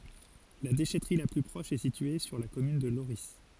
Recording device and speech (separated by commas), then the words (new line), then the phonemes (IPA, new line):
forehead accelerometer, read sentence
La déchèterie la plus proche est située sur la commune de Lorris.
la deʃɛtʁi la ply pʁɔʃ ɛ sitye syʁ la kɔmyn də loʁi